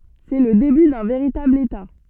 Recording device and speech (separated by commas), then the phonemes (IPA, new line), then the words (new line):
soft in-ear microphone, read sentence
sɛ lə deby dœ̃ veʁitabl eta
C'est le début d'un véritable État.